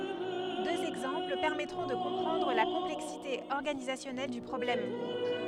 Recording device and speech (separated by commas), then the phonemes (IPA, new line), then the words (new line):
headset microphone, read sentence
døz ɛɡzɑ̃pl pɛʁmɛtʁɔ̃ də kɔ̃pʁɑ̃dʁ la kɔ̃plɛksite ɔʁɡanizasjɔnɛl dy pʁɔblɛm
Deux exemples permettront de comprendre la complexité organisationnelle du problème.